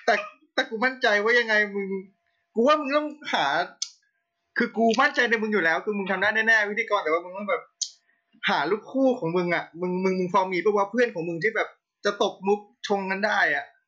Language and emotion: Thai, frustrated